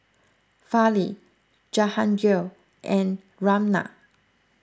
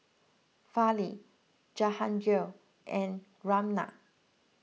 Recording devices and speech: close-talking microphone (WH20), mobile phone (iPhone 6), read sentence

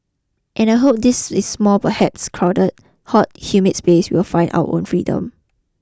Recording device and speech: close-talking microphone (WH20), read sentence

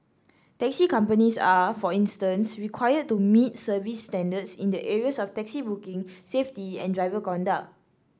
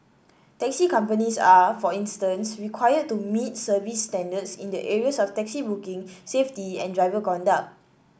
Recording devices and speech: standing microphone (AKG C214), boundary microphone (BM630), read sentence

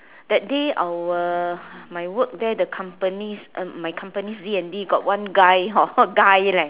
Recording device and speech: telephone, conversation in separate rooms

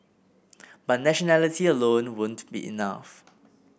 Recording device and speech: boundary microphone (BM630), read sentence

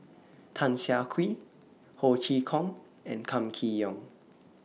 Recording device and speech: mobile phone (iPhone 6), read sentence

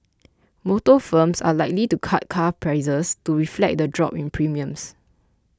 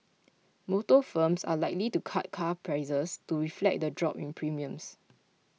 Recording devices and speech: close-talking microphone (WH20), mobile phone (iPhone 6), read sentence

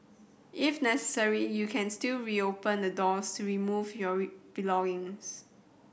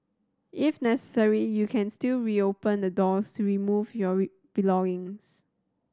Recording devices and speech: boundary microphone (BM630), standing microphone (AKG C214), read sentence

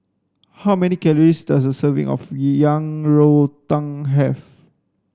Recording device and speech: standing microphone (AKG C214), read sentence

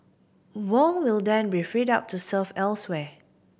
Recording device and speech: boundary microphone (BM630), read sentence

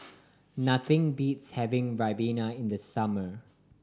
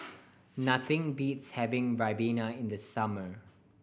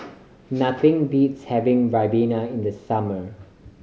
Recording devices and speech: standing microphone (AKG C214), boundary microphone (BM630), mobile phone (Samsung C5010), read sentence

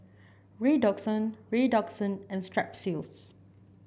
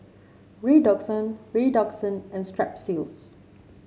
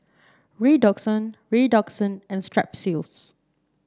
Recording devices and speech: boundary microphone (BM630), mobile phone (Samsung C7), standing microphone (AKG C214), read sentence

